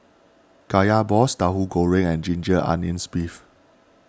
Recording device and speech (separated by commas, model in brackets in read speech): standing microphone (AKG C214), read sentence